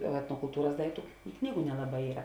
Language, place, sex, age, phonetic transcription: Lithuanian, Žemaitija, female, 18-60, etnokulˈtūras ˈdaiktu ˈknygu nelaˈbai ˈyra

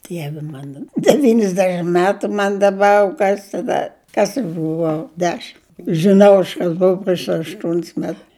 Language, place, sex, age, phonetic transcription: Lithuanian, Žemaitija, female, 60+, ˈdievi ˈmana deˈvynisdešim ˈmetu ˈman daˈbar ˈkas taˈda ˈkas aš buˈvau ˈdešim žiˈnau aš ˈkas ˈbou prieš ašˈtuon's met

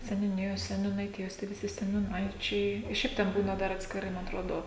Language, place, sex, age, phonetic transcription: Lithuanian, Žemaitija, female, 18-60, seniūˈnijos seniūnaiˈtijos tie viˈsi seniūˈnaičiai i ˈšiaip ˈten ˈbūna ˈdar atskiˈrai ˈma atˈrodo

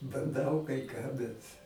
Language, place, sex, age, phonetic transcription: Lithuanian, Aukštaitija, male, 60+, banˈdau kai ką ˈbet

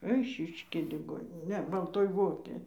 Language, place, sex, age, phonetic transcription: Lithuanian, Dzūkija, female, 60+, ˈeišiškėj liˈgoninė ˈne balˈtoj ˈvokėj

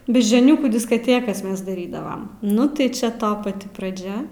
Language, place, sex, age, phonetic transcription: Lithuanian, Aukštaitija, female, 18-60, beždžioˈniūkų diskaˈtėkas ˈmes daˈrydavam ˈnu tai ˈčia ˈto paˈti praˈdžia

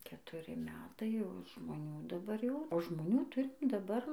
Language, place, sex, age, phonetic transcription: Lithuanian, Dzūkija, female, 18-60, ketuˈri ˈmetai jau žmoˈnių daˈbar jau o žmoˈnių ˈturim daˈbar

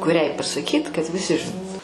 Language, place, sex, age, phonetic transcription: Lithuanian, Aukštaitija, female, 60+, kuˈriai pasaˈkyt kad viˈsi žiˈnotu

